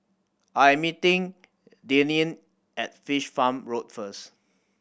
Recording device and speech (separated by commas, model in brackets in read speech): boundary microphone (BM630), read sentence